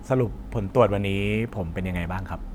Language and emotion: Thai, neutral